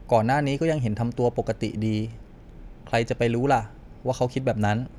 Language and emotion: Thai, neutral